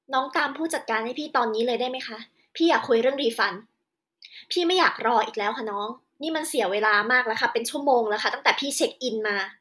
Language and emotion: Thai, angry